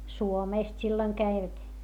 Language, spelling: Finnish, Suomesta silloin kävivät
- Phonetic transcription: Suomèst silloⁱŋ käivät .

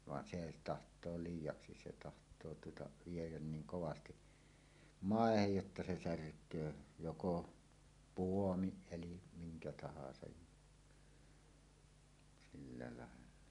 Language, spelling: Finnish, vaan se tahtoo liiaksi se tahtoo tuota viedä niin kovasti maahan jotta se särkee joko puomin eli minkä tahansa ja sillä lailla
- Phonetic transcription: van se taht̀oo "liij̆jaksi se taht̀oo tuota , viejän 'niiŋ 'kovasti , "màehej jotta se "särk̀öö , joko "puomiˀ 'ˀelim 'miŋkä 'tahasaj ja , silla làella .

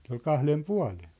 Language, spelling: Finnish, se oli kahden puolen
- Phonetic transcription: se ‿ol "kahlem "pua̭len̬ .

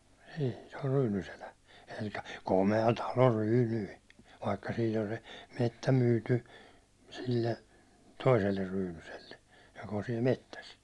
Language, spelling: Finnish, siihen se on Ryynyselä eli komea talo Ryyny vaikka siitä on se metsä myyty sille toiselle Ryynyselle joka on siellä metsässä
- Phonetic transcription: 'siihᴀ̈ɴ se or Ryynyselä , elikᴀ̈ "kome₍a talo "Ryynyi , vaikka 'siit ‿on 'se , 'mettä 'myyty , sille , "toiseller 'Ryynyselle , jok ‿on siɛl 'mettäs .

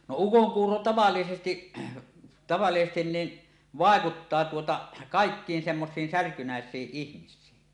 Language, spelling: Finnish, no ukonkuuro tavallisesti tavallisesti niin vaikuttaa tuota kaikkiin semmoisiin särkynäisiin ihmisiin
- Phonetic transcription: no "ukoŋkuuro "tavallisesti , tavallisestin niin , 'vàekuttaa tuota , 'kàekkiin semmosiin "särkynäes̀iiˀ 'ˀihmis̀iin .

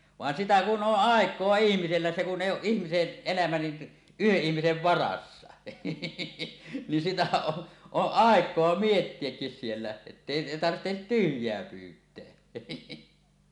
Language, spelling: Finnish, vaan sitä kun on aikaa ihmisellä se kun ei ole ihmisen elämä niin yhden ihmisen varassa niin sitä on on aikaa miettiäkin siellä että ei tarvitse tyhjää pyytää
- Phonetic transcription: 'vàen 'sitä "kun ˀoˀ "ˀàek̀oa 'ihmisellä se ku’ ’èi ooˀ 'ˀihmisen , elämä ni , "yheˀ 'ˀihmisev 'varassa , nin sitä o , oˀ "ˀàek̀oa "miettiekkis 'siellä , ettèi 'tarttet "tyhj̀eä 'pyyt̀eä .

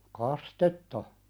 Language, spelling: Finnish, kastetta
- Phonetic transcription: kas"tetta ?

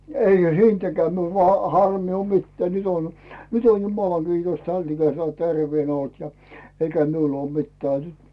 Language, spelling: Finnish, eihän siitäkään minulla vain harmia ole mitään nyt on nyt on jumalan kiitos tämän ikäisellä terveenä ollut ja eikä minulla ole mitään nyt
- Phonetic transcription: eiʰä "siintäkᵉää miul vaa , 'harmì o mittää 'nyt ‿on , 'nyt ‿on jumalaŋ Giitos täl ikäsel 'terveenä olt ja , 'eikä miul ‿oo "mittää nyt .

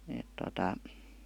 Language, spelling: Finnish, että tuota
- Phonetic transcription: èt tota ,.

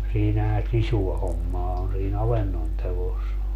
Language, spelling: Finnish, siinähän sisua hommaa on siinä avannon teossa
- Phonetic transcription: 'siinähä "sisua 'hommaa on sii"n ‿avennon tevos .

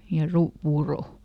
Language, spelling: Finnish, ja - puuroa
- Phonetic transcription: ja ˈru- , ˈpuurò .

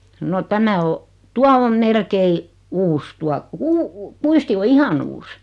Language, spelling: Finnish, no tämä on tuo on melkein uusi tuo - kuisti on ihan uusi
- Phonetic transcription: no 'tämä o , 'tua om , 'melkei , "uus 'tua , kuu- , "kuisti o "ihan ‿uus .

